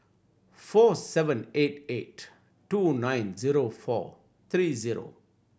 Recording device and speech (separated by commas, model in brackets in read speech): boundary microphone (BM630), read sentence